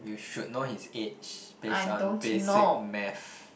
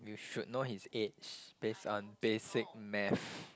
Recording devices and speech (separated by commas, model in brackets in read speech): boundary microphone, close-talking microphone, conversation in the same room